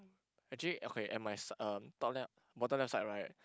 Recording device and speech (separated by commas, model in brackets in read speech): close-talking microphone, conversation in the same room